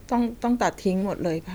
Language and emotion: Thai, neutral